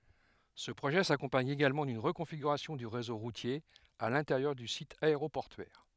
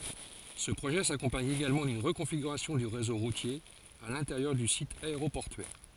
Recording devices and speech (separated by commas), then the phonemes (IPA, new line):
headset microphone, forehead accelerometer, read sentence
sə pʁoʒɛ sakɔ̃paɲ eɡalmɑ̃ dyn ʁəkɔ̃fiɡyʁasjɔ̃ dy ʁezo ʁutje a lɛ̃teʁjœʁ dy sit aeʁopɔʁtyɛʁ